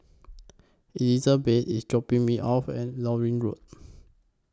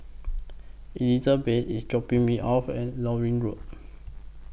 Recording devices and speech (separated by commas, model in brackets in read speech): close-talking microphone (WH20), boundary microphone (BM630), read sentence